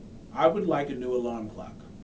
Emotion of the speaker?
neutral